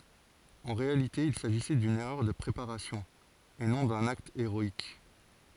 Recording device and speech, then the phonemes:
forehead accelerometer, read sentence
ɑ̃ ʁealite il saʒisɛ dyn ɛʁœʁ də pʁepaʁasjɔ̃ e nɔ̃ dœ̃n akt eʁɔik

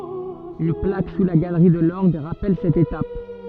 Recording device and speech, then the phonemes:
soft in-ear microphone, read sentence
yn plak su la ɡalʁi də lɔʁɡ ʁapɛl sɛt etap

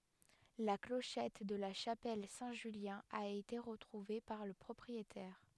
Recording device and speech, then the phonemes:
headset microphone, read sentence
la kloʃɛt də la ʃapɛl sɛ̃ ʒyljɛ̃ a ete ʁətʁuve paʁ lə pʁɔpʁietɛʁ

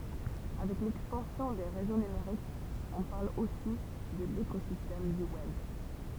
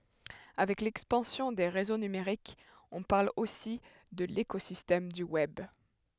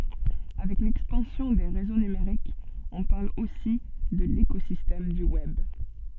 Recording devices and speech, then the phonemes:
temple vibration pickup, headset microphone, soft in-ear microphone, read sentence
avɛk lɛkspɑ̃sjɔ̃ de ʁezo nymeʁikz ɔ̃ paʁl osi də lekozistɛm dy wɛb

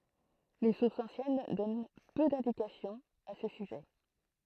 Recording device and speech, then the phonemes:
throat microphone, read sentence
le suʁsz ɑ̃sjɛn dɔn pø dɛ̃dikasjɔ̃z a sə syʒɛ

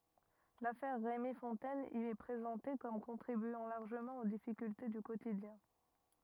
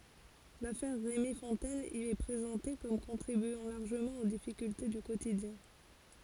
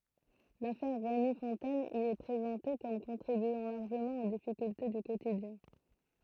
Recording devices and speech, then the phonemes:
rigid in-ear microphone, forehead accelerometer, throat microphone, read sentence
lafɛʁ ʁemi fɔ̃tɛn i ɛ pʁezɑ̃te kɔm kɔ̃tʁibyɑ̃ laʁʒəmɑ̃ o difikylte dy kotidjɛ̃

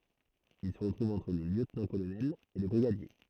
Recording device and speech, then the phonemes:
throat microphone, read sentence
il sə tʁuv ɑ̃tʁ lə ljøtnɑ̃tkolonɛl e lə bʁiɡadje

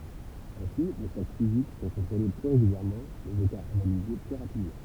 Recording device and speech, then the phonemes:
temple vibration pickup, read sentence
ɛ̃si le stɔk fizik sɔ̃ kɔ̃tʁole ply ʁeɡyljɛʁmɑ̃ lez ekaʁz analize ply ʁapidmɑ̃

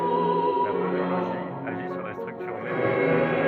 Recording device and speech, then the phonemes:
rigid in-ear microphone, read sentence
la podoloʒi aʒi syʁ la stʁyktyʁ mɛm dy pje

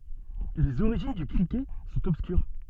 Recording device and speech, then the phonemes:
soft in-ear microphone, read sentence
lez oʁiʒin dy kʁikɛt sɔ̃t ɔbskyʁ

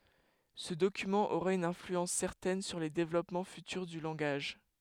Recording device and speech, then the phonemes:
headset microphone, read sentence
sə dokymɑ̃ oʁa yn ɛ̃flyɑ̃s sɛʁtɛn syʁ le devlɔpmɑ̃ fytyʁ dy lɑ̃ɡaʒ

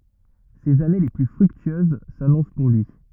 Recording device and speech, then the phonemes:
rigid in-ear microphone, read sentence
sez ane le ply fʁyktyøz sanɔ̃s puʁ lyi

